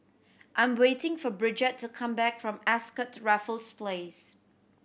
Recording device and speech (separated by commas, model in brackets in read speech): boundary microphone (BM630), read sentence